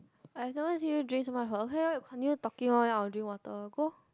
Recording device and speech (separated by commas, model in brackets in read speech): close-talking microphone, conversation in the same room